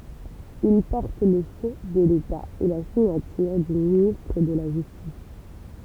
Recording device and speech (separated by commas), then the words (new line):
temple vibration pickup, read sentence
Il porte le sceau de l'État et la signature du ministre de la Justice.